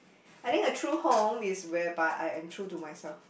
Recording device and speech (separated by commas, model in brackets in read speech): boundary microphone, conversation in the same room